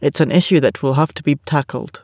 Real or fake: real